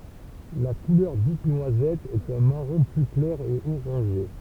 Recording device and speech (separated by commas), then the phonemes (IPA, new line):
temple vibration pickup, read sentence
la kulœʁ dit nwazɛt ɛt œ̃ maʁɔ̃ ply klɛʁ e oʁɑ̃ʒe